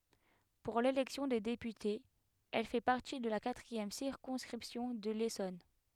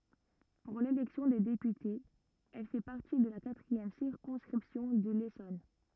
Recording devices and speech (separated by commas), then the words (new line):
headset microphone, rigid in-ear microphone, read sentence
Pour l'élection des députés, elle fait partie de la quatrième circonscription de l'Essonne.